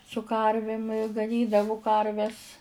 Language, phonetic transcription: Lithuanian, su ˈkarvim i gaˈnydavu ˈkarves

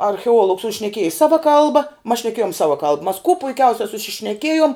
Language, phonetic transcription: Lithuanian, archeˈuolugs u šneˈkieji ˈsava ˈkalba mas šneˈkėjom ˈsava kalb mas kuo puiˈkiausia sušišneˈkėjom

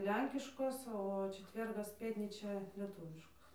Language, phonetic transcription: Lithuanian, ˈlenkiškos o čeˈtvergas ˈpėtnyčia lieˈtūviškos

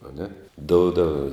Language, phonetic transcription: Lithuanian, aˈne ˈdoudav

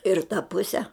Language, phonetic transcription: Lithuanian, ir ta ˈpuse

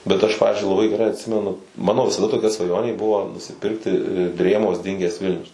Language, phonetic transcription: Lithuanian, bet ˈaš ˈpavizdžiui laˈbai geˈrai atˈsimenu ˈmano visaˈda toˈkia svaˈjonė ˈbuvo nusiˈpirkti ˈdrėmos ˈdinges ˈvilnius

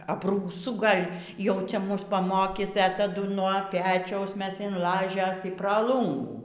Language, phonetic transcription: Lithuanian, abrūˈsu ˈgal' jau ˈcia ˈmus paˈmokys e taˈdu nuo ˈpečiaus ˈmes in ˈlažės i pra ˈlūngų

